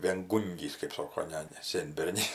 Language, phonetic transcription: Lithuanian, vėnˈgūngys kɜp ˈsoko ˈne ne ˈsėnbernis

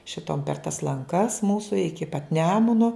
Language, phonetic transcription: Lithuanian, šiˈtom per tas lanˈkas ˈmūsu ˈiki pat ˈnemuno

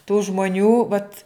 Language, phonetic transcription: Lithuanian, tų žmoˈnių vat

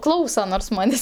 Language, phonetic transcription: Lithuanian, ˈklausa nors ˈmanės'

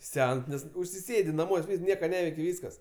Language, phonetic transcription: Lithuanian, ˈsens ˈnes užsiˈsėdi naˈmuos' ˈvys ˈnieka ˈneveiki ˈvyskas

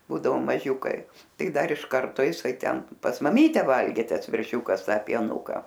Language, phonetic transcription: Lithuanian, ˈbūdavo maˈžiūkai ˈtai ˈdar iš ˈkarto iˈsai ˈten pas maˈmyte ˈvalgė ˈtas verˈšiūkas ˈta pieˈnuka

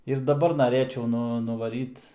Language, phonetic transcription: Lithuanian, ir daˈbar naˈrėčiau ˈnu nuvaˈryt

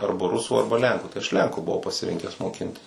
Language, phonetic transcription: Lithuanian, ˈarba rusu ˈarba ˈlenku tai aš ˈlenku buˈvau pasiˈrinkęs moˈkintis

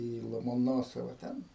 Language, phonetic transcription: Lithuanian, į lomoˈnosova ˈten

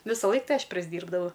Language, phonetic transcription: Lithuanian, visaˈlaik ˈtai ˈaš prisˈdyrbdavau

